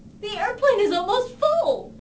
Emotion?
fearful